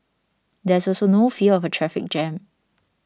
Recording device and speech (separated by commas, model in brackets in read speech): standing microphone (AKG C214), read sentence